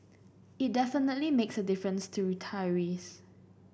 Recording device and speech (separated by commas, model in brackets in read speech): boundary microphone (BM630), read sentence